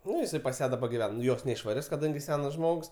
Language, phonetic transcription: Lithuanian, ˈnu jiˈsai pas ˈją daˈba giˈven ˈjos neišvaˈris kaˈdangi ˈsenas ˈžmogs

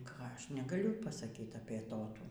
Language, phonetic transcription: Lithuanian, ˈką ˈaš negaˈliu pasaˈkyt apie ˈtotų

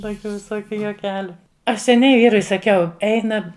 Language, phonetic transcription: Lithuanian, ˈtokiu viˈsokiu juoˈkeliu ˈaš seˈniai ˈvyrui saˈkiau ˈeina

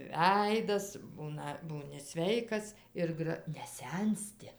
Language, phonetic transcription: Lithuanian, ˈveidas ˈbūna ˈbūni ˈsveikas ˈir gra neˈsensti

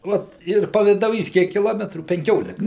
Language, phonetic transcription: Lithuanian, ˈvat ir pavidauˈjys ˈkiek kiˈlometrų penˈkiolika

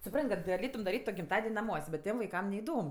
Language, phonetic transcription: Lithuanian, suˈpran't' kad gaˈlėtum daˈryt' gimˈtaden' naˈmuos' bet ˈtiem vaiˈkam neiˈdom

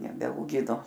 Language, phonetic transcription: Lithuanian, nebeauˈgino

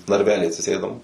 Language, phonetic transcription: Lithuanian, narˈvely atsiˈsėdom

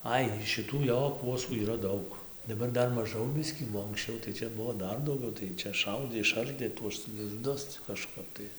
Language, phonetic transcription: Lithuanian, ˈai šiˈtų ˈjo ˈkuosų yˈra ˈdaug daˈbar ˈdar maˈžau ˈbiskį o anksˈčiau tai ˈčia ˈbuvo ˈdar dauˈgiau tai ˈčia ˈšaudė išˈardė tuos lizˈdus ˈcia kažˈkap tai

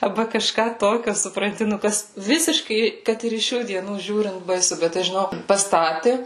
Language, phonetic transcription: Lithuanian, arˈba kaˈžką toˈkio supranˈti nu ˈkas ˈvisiškai ˈkad ir iš ˈšių dieˈnųˈžiūrint baiˈsu ˈbet tai žiˈnok paˈstati

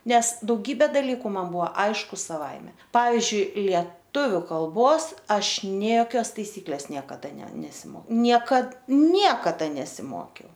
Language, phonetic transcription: Lithuanian, ˈnes dauˈgybė daˈlyku man ˈbuvo ˈaišku saˈvaime ˈpavizdžiui lieˈtuviu kalˈbos ˈaš ˈnė joˈkios taiˈsyklės ˈniekada ne nesiˈmokiau ˈniekad ˈniekada nesiˈmokiau

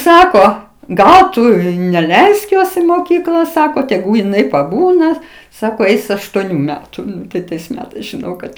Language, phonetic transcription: Lithuanian, ˈsako ˈgal ˈtu i neˈleisk ˈjos in moˈkykla ˈsako teˈgū jiˈnai paˈbūna ˈsako ˈeis aštuoˈnių ˈmetu ˈtai tais ˈmetais žiˈnau kad

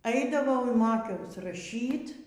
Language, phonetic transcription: Lithuanian, ˈaidavau ir ˈmokiaus raˈšyt

